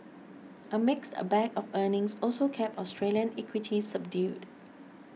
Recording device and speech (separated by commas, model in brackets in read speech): mobile phone (iPhone 6), read sentence